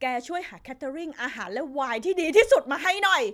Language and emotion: Thai, angry